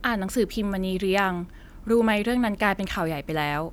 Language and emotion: Thai, neutral